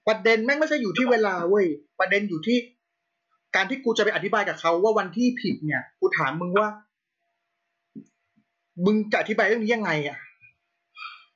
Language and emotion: Thai, angry